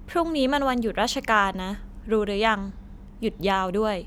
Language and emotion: Thai, neutral